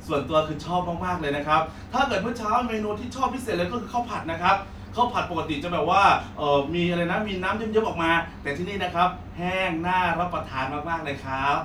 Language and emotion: Thai, happy